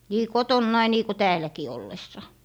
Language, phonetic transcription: Finnish, nii "kotonnai nii ko 'tääläki ollessa .
- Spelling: niin kotonani niin kuin täälläkin ollessa

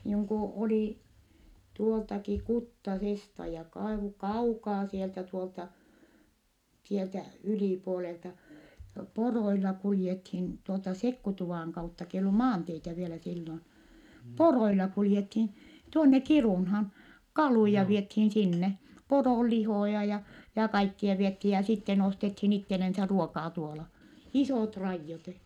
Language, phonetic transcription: Finnish, niiŋ ku olì , tuoltaki , Kuttasesta ja kai- , kaukaa sieltä tuolta , sieltä ylìpuolelta , poroilla kuljethin , tuolta Sekkutuvàŋ kautta k ‿eij ollu maanteitä vielä sillon , poroila kuljethin̬ , tuonne Kirùnhaan , kalùja viethiin sinne , poròllihòja ja , ja kaikkia viethii ja sitten ostethiin ittelensä ruokaa tuola , isòt raijjot .
- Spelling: niin kun oli tuoltakin Kuttasesta ja - kaukaa sieltä tuolta sieltä ylipuolelta poroilla kuljettiin tuolta Sekkutuvan kautta kun ei ollut maanteitä vielä silloin poroilla kuljettiin tuonne Kiirunaan kaluja vietiin sinne poronlihoja ja ja kaikkia vietiin ja sitten ostettiin itselleen ruokaa tuolla isot raidot

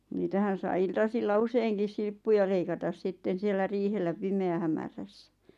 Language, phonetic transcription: Finnish, 'niitähän̬ saⁱ 'iltasilla "useiŋkis 'silppuja leikatas 'sitten siellä 'riihellä 'pime₍ähämärässᴀ̈ .
- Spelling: niitähän sai iltasilla useinkin silppuja leikata sitten siellä riihellä pimeähämärässä

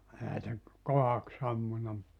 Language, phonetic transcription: Finnish, 'ehä se , 'kohaks ‿ammuna (mut) ,.
- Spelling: eihän se kohdaksi ampunut mutta

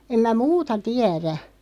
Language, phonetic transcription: Finnish, 'em mä "muuta 'tiärä .
- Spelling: en minä muuta tiedä

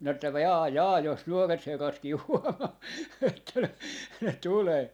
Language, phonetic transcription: Finnish, minä että ‿v- , 'jaa 'jaa jos 'nuoret 'herratkii 'huomaa että noi , ne 'tulee ,.
- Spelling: minä että - jaa jaa jos nuoret herratkin huomaa että noin ne tulee

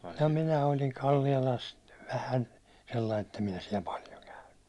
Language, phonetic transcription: Finnish, em 'minä oikeⁱn 'Kallialast , vähän , sellain ‿ettem 'minä siɛl 'paljo käynny .
- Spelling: en minä oikein Kallialasta vähän sellainen että en minä siellä paljon käynyt

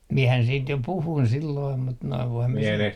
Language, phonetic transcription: Finnish, 'miɛhän siint jo "puhuin 'silloim mut noi 'voim 'mie sen ...
- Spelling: minähän siitä jo puhuin silloin mutta nuo voin minä sen

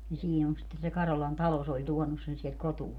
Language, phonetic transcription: Finnish, ni 'siin ‿on sitten se 'Karolan "talo se ‿oĺ 'tuɔnus sen siɛlt 'kotu₍aa .
- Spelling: niin siinä on sitten se Karolan talo se oli tuonut sen sieltä kotoaan

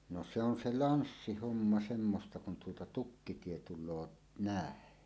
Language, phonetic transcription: Finnish, no se ‿on 'se "lanssihomma semmosta kun tuota "tukkitie 'tul̆loo "nä̀en .
- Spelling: no se on se lanssihomma semmoista kun tuota tukkitie tulee näin

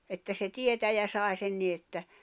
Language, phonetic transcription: Finnish, että se 'tietäjä 'sài̬ sen ni että ,.
- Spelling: että se tietäjä sai sen niin että

